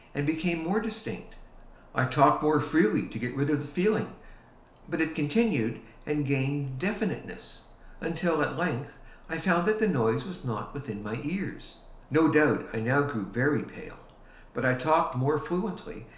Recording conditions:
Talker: one person; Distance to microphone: 1.0 m; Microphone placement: close; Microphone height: 1.1 m; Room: small (3.7 m by 2.7 m); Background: none

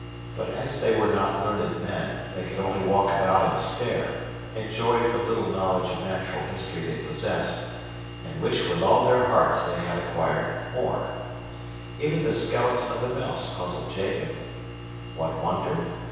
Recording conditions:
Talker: one person; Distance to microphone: 7.1 m; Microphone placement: far; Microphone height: 1.7 m; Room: very reverberant, large; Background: none

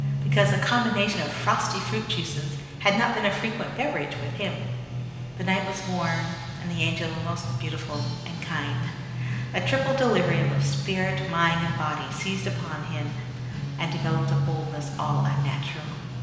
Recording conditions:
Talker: one person; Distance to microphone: 1.7 m; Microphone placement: close; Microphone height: 1.0 m; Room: very reverberant, large; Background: music

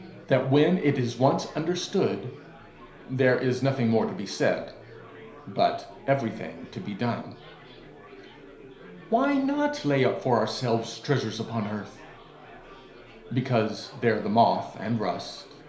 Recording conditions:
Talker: one person; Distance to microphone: 1.0 m; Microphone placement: close; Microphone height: 1.1 m; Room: small (3.7 m by 2.7 m); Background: babble

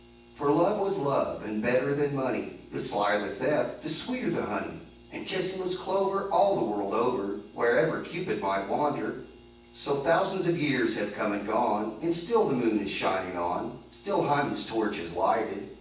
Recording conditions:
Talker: one person; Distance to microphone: 9.8 m; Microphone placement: far; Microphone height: 1.8 m; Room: large; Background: none

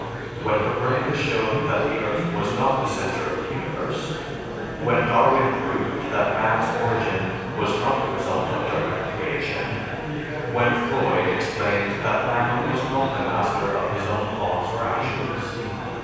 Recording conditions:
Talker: one person; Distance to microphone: 7.1 m; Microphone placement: far; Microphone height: 1.7 m; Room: very reverberant, large; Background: babble

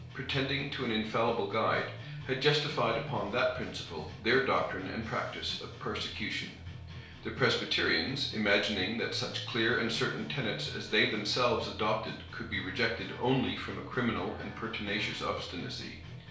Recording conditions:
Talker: one person; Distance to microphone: 1.0 m; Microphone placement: close; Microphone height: 1.1 m; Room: small (3.7 m by 2.7 m); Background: music

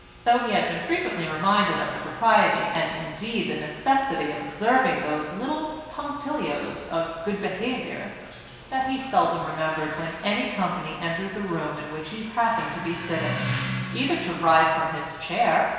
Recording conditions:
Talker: one person; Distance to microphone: 1.7 m; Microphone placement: close; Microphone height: 1.0 m; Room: very reverberant, large; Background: television

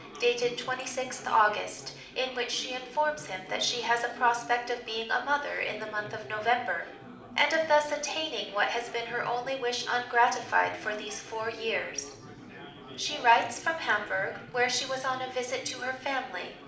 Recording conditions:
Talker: one person; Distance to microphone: 2.0 m; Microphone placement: close; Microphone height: 99 cm; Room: medium-sized (5.7 m by 4.0 m); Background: babble

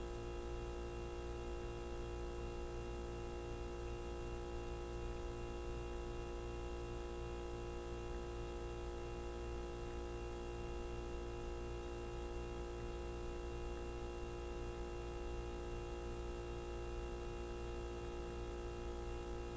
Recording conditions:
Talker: no one; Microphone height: 3 cm; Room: large; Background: television

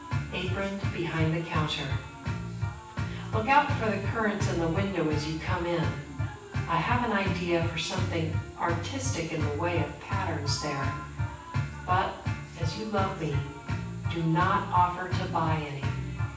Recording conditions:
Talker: one person; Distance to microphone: 9.8 m; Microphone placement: far; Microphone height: 1.8 m; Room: large; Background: music

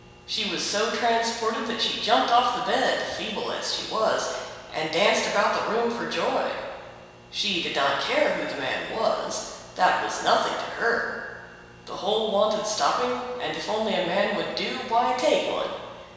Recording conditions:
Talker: one person; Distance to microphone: 1.7 m; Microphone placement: close; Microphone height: 1.0 m; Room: very reverberant, large; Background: none

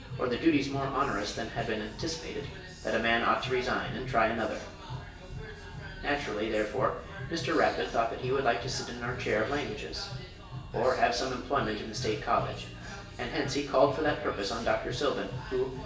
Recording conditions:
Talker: one person; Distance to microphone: 1.8 m; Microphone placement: close; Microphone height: 1.0 m; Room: large; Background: music

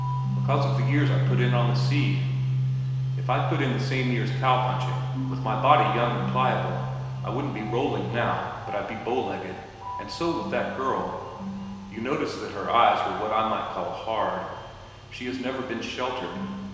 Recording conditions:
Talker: one person; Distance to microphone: 1.7 m; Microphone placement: close; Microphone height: 1.0 m; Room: very reverberant, large; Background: music

